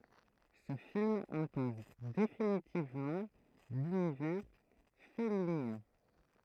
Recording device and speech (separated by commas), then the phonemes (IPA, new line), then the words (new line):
throat microphone, read sentence
sə film ɛ̃pɔz definitivmɑ̃ lynivɛʁ fɛlinjɛ̃
Ce film impose définitivement l'univers fellinien.